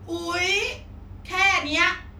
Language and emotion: Thai, frustrated